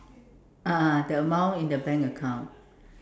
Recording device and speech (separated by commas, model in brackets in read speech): standing microphone, conversation in separate rooms